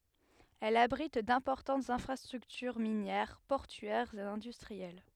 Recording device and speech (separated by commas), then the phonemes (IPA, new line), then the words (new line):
headset microphone, read sentence
ɛl abʁit dɛ̃pɔʁtɑ̃tz ɛ̃fʁastʁyktyʁ minjɛʁ pɔʁtyɛʁz e ɛ̃dystʁiɛl
Elle abrite d'importantes infrastructures minières, portuaires et industrielles.